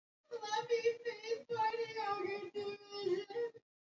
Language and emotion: English, sad